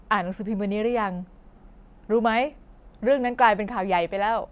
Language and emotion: Thai, frustrated